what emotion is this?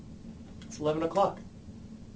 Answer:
neutral